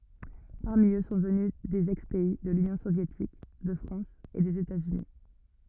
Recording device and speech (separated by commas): rigid in-ear microphone, read sentence